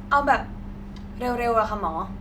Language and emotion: Thai, frustrated